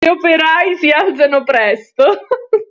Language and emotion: Italian, happy